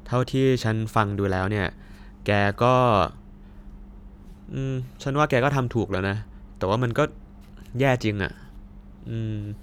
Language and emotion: Thai, frustrated